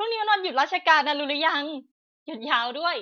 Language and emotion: Thai, happy